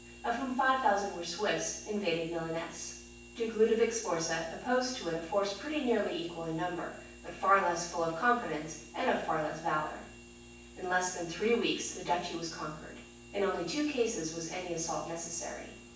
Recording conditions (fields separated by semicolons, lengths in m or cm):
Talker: one person; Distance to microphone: 9.8 m; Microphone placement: far; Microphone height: 1.8 m; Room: large; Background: none